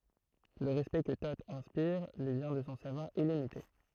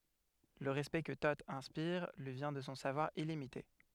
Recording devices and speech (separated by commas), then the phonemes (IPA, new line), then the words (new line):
throat microphone, headset microphone, read sentence
lə ʁɛspɛkt kə to ɛ̃spiʁ lyi vjɛ̃ də sɔ̃ savwaʁ ilimite
Le respect que Thot inspire lui vient de son savoir illimité.